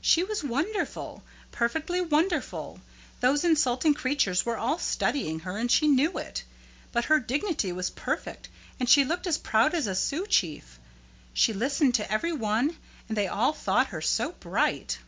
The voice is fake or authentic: authentic